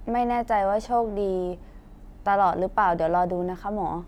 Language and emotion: Thai, neutral